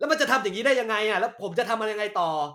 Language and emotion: Thai, angry